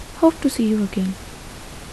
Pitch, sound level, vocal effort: 220 Hz, 74 dB SPL, soft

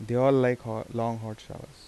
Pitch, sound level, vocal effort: 120 Hz, 83 dB SPL, soft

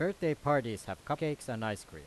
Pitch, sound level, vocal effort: 130 Hz, 91 dB SPL, loud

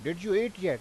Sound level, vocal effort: 96 dB SPL, loud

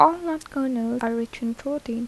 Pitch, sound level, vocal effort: 240 Hz, 80 dB SPL, soft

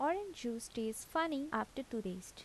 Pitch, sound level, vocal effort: 240 Hz, 78 dB SPL, soft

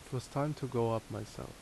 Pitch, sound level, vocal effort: 125 Hz, 77 dB SPL, normal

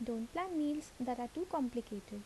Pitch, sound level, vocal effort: 250 Hz, 75 dB SPL, soft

